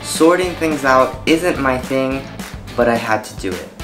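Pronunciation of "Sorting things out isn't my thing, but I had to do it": The sentence is said with a lot of linking: many neighbouring words flow together instead of being said separately.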